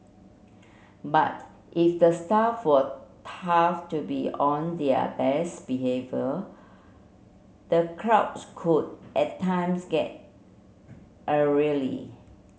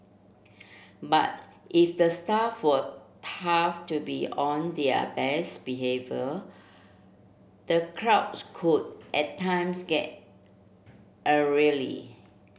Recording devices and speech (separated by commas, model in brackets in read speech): mobile phone (Samsung C7), boundary microphone (BM630), read sentence